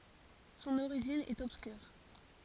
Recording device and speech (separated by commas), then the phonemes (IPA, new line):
forehead accelerometer, read sentence
sɔ̃n oʁiʒin ɛt ɔbskyʁ